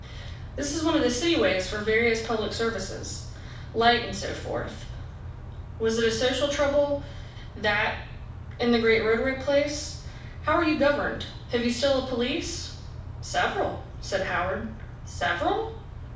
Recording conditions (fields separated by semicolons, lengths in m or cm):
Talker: one person; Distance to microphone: 5.8 m; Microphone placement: far; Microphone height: 1.8 m; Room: medium-sized (5.7 m by 4.0 m); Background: none